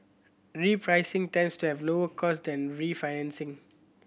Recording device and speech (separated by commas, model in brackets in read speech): boundary microphone (BM630), read sentence